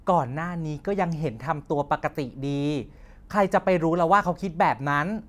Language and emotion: Thai, neutral